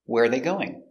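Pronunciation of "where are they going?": In 'where are they going?', the words are linked together, and the intonation goes down at the end.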